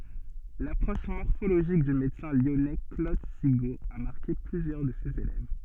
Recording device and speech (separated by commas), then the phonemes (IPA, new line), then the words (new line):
soft in-ear microphone, read sentence
lapʁɔʃ mɔʁfoloʒik dy medəsɛ̃ ljɔnɛ klod siɡo a maʁke plyzjœʁ də sez elɛv
L'approche morphologique du médecin lyonnais Claude Sigaud a marqué plusieurs de ses élèves.